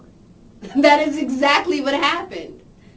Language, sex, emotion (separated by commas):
English, female, happy